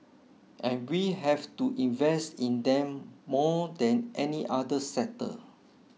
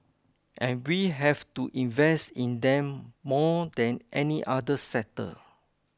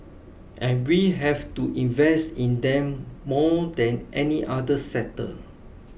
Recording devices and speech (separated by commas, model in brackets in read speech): mobile phone (iPhone 6), close-talking microphone (WH20), boundary microphone (BM630), read sentence